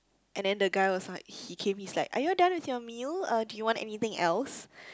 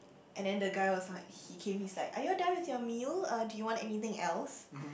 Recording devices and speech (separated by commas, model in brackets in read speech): close-talking microphone, boundary microphone, conversation in the same room